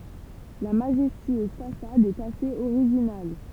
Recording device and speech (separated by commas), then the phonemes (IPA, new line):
temple vibration pickup, read sentence
la maʒɛstyøz fasad ɛt asez oʁiʒinal